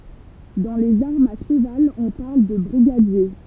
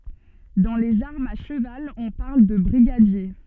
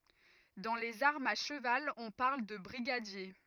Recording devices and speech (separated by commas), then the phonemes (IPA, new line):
temple vibration pickup, soft in-ear microphone, rigid in-ear microphone, read sentence
dɑ̃ lez aʁmz a ʃəval ɔ̃ paʁl də bʁiɡadje